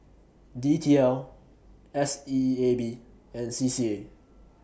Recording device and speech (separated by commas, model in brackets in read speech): boundary microphone (BM630), read sentence